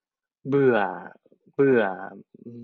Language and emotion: Thai, frustrated